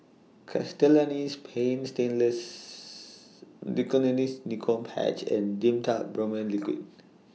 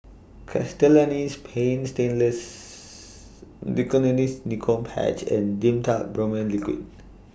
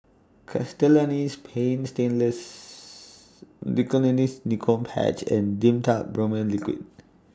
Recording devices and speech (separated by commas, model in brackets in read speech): mobile phone (iPhone 6), boundary microphone (BM630), standing microphone (AKG C214), read sentence